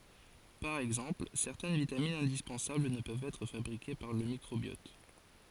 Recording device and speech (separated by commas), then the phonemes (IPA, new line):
forehead accelerometer, read sentence
paʁ ɛɡzɑ̃pl sɛʁtɛn vitaminz ɛ̃dispɑ̃sabl nə pøvt ɛtʁ fabʁike paʁ lə mikʁobjɔt